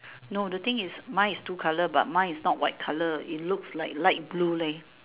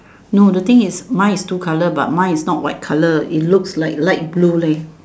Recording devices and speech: telephone, standing microphone, conversation in separate rooms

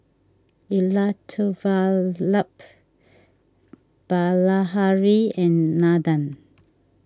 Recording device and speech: standing microphone (AKG C214), read sentence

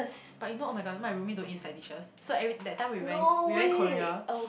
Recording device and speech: boundary microphone, conversation in the same room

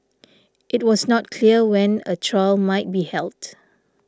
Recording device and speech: standing microphone (AKG C214), read sentence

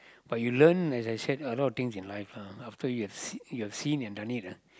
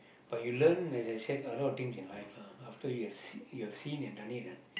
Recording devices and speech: close-talking microphone, boundary microphone, conversation in the same room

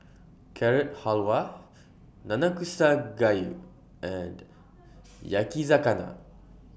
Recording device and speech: boundary microphone (BM630), read sentence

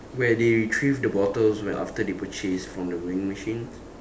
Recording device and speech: standing microphone, conversation in separate rooms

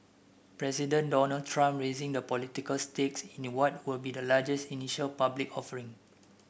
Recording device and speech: boundary microphone (BM630), read sentence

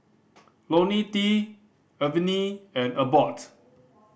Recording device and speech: boundary microphone (BM630), read sentence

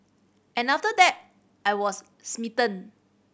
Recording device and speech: boundary microphone (BM630), read sentence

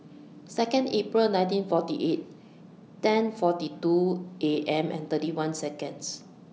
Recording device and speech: mobile phone (iPhone 6), read sentence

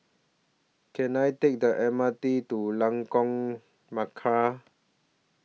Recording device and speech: mobile phone (iPhone 6), read sentence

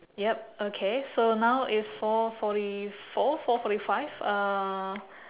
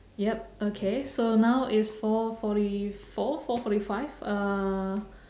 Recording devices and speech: telephone, standing microphone, conversation in separate rooms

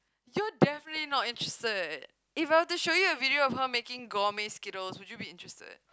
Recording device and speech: close-talking microphone, conversation in the same room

